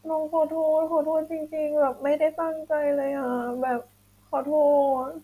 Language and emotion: Thai, sad